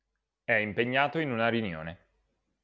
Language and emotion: Italian, neutral